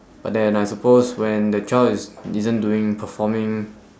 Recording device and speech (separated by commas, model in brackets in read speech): standing microphone, conversation in separate rooms